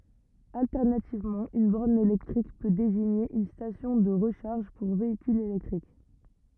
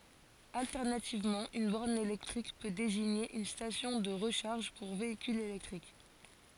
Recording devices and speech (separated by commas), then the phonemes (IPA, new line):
rigid in-ear microphone, forehead accelerometer, read sentence
altɛʁnativmɑ̃ yn bɔʁn elɛktʁik pø deziɲe yn stasjɔ̃ də ʁəʃaʁʒ puʁ veikylz elɛktʁik